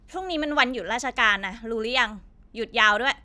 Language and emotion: Thai, frustrated